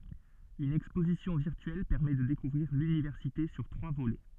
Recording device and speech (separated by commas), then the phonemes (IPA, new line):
soft in-ear microphone, read sentence
yn ɛkspozisjɔ̃ viʁtyɛl pɛʁmɛ də dekuvʁiʁ lynivɛʁsite syʁ tʁwa volɛ